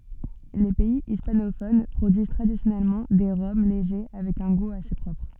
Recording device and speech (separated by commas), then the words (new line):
soft in-ear microphone, read sentence
Les pays hispanophones produisent traditionnellement des rhums légers avec un goût assez propre.